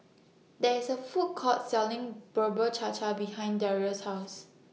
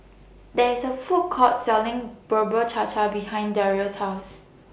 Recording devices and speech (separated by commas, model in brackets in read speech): mobile phone (iPhone 6), boundary microphone (BM630), read sentence